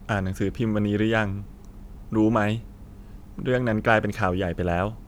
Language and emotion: Thai, neutral